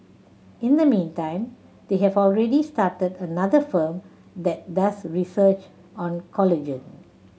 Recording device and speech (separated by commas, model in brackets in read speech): mobile phone (Samsung C7100), read sentence